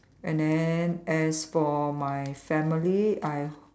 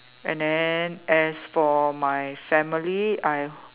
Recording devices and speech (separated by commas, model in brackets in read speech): standing microphone, telephone, conversation in separate rooms